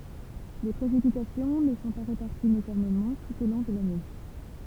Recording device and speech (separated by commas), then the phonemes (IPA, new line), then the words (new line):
temple vibration pickup, read sentence
le pʁesipitasjɔ̃ nə sɔ̃ pa ʁepaʁtiz ynifɔʁmemɑ̃ tut o lɔ̃ də lane
Les précipitations ne sont pas réparties uniformément tout au long de l'année.